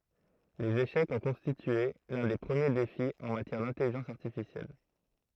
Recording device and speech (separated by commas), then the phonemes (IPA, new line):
throat microphone, read sentence
lez eʃɛkz ɔ̃ kɔ̃stitye lœ̃ de pʁəmje defi ɑ̃ matjɛʁ dɛ̃tɛliʒɑ̃s aʁtifisjɛl